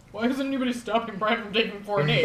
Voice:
in deep-voice